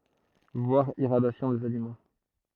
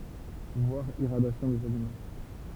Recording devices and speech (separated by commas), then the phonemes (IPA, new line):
throat microphone, temple vibration pickup, read sentence
vwaʁ iʁadjasjɔ̃ dez alimɑ̃